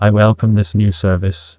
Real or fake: fake